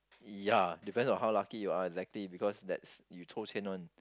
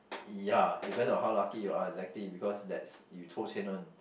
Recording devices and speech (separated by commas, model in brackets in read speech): close-talking microphone, boundary microphone, conversation in the same room